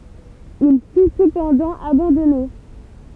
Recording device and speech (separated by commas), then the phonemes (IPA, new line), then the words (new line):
temple vibration pickup, read sentence
il fy səpɑ̃dɑ̃ abɑ̃dɔne
Il fut cependant abandonné.